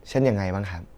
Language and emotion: Thai, neutral